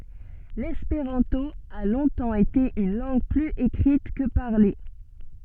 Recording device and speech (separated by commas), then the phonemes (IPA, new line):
soft in-ear microphone, read sentence
lɛspeʁɑ̃to a lɔ̃tɑ̃ ete yn lɑ̃ɡ plyz ekʁit kə paʁle